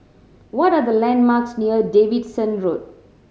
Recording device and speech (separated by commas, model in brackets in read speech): mobile phone (Samsung C7100), read sentence